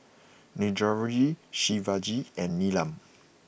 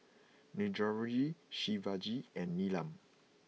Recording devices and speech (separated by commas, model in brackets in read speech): boundary microphone (BM630), mobile phone (iPhone 6), read sentence